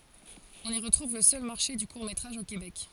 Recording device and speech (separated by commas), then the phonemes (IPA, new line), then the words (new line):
forehead accelerometer, read sentence
ɔ̃n i ʁətʁuv lə sœl maʁʃe dy kuʁ metʁaʒ o kebɛk
On y retrouve le seul Marché du court métrage au Québec.